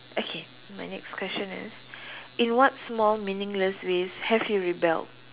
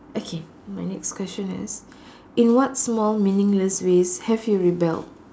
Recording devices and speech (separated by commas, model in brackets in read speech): telephone, standing microphone, conversation in separate rooms